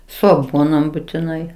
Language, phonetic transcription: Lithuanian, ˈsu aˈguonom butiˈnai

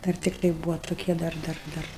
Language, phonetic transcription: Lithuanian, ˈdar tikˈtai ˈbūva tuˈkie ˈdar ˈdar ˈdar

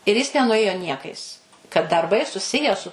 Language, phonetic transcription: Lithuanian, ir ˈjis nenuˈėjo ˈniekais kad darˈbai suˈsiję su

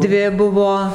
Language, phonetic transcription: Lithuanian, ˈdvi ˈbuvo

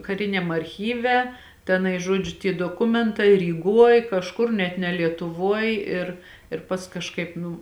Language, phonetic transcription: Lithuanian, kaˈriniam arˈchyve teˈnai ˈžodžiu tie doˈkumentai ryˈguoj kažˈkur net ne lietuˈvuoj ir ir ˈpask kažˈkaip ˈnū

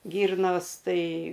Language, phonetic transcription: Lithuanian, ˈgyrnos ˈtai ˈgal'

